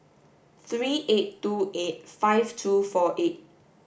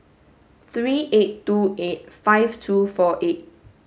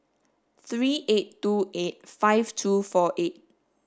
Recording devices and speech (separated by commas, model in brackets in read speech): boundary microphone (BM630), mobile phone (Samsung S8), standing microphone (AKG C214), read sentence